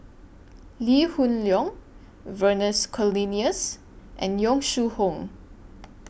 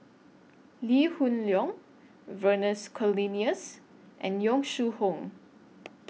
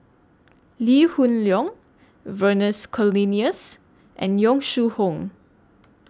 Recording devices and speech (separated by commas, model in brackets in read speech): boundary microphone (BM630), mobile phone (iPhone 6), standing microphone (AKG C214), read sentence